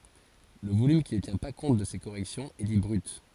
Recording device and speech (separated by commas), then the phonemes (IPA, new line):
forehead accelerometer, read sentence
lə volym ki nə tjɛ̃ pa kɔ̃t də se koʁɛksjɔ̃z ɛ di bʁyt